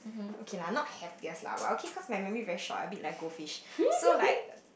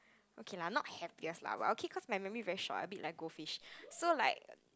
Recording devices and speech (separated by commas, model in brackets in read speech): boundary microphone, close-talking microphone, conversation in the same room